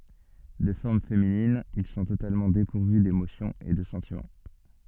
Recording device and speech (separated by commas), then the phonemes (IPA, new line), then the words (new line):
soft in-ear microphone, read sentence
də fɔʁm feminin il sɔ̃ totalmɑ̃ depuʁvy demosjɔ̃z e də sɑ̃timɑ̃
De forme féminine, ils sont totalement dépourvus d'émotions et de sentiments.